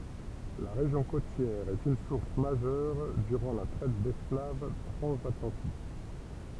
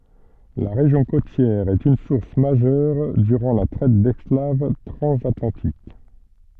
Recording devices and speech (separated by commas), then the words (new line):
temple vibration pickup, soft in-ear microphone, read sentence
La région côtière est une source majeure durant la traite d'esclaves transatlantique.